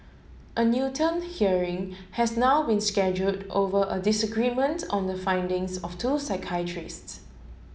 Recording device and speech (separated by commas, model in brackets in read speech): mobile phone (Samsung S8), read sentence